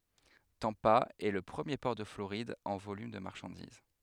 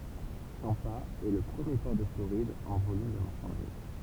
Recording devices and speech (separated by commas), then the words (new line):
headset microphone, temple vibration pickup, read sentence
Tampa est le premier port de Floride en volume de marchandises.